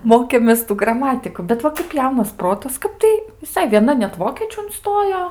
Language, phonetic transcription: Lithuanian, ˈmokėmės ˈtų graˈmatiku bet ˈva kap ˈjaunas ˈprotas ˈkap tai viˈsai vieˈna net ˈvokiečių unˈstojo

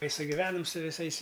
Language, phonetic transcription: Lithuanian, ˈtai sugiˈvenam su viˈsais

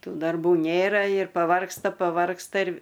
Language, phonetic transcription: Lithuanian, ˈtų darˈbų ˈnėra ir paˈvargsta paˈvargsta ir

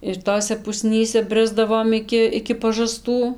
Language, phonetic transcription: Lithuanian, ir ˈtose puˈsnyse ˈbrisdavom ˈiki iki pažaˈstų

